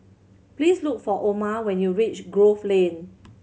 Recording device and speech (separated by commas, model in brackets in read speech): mobile phone (Samsung C7100), read sentence